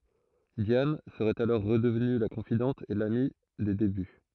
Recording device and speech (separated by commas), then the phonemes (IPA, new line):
throat microphone, read sentence
djan səʁɛt alɔʁ ʁədəvny la kɔ̃fidɑ̃t e lami de deby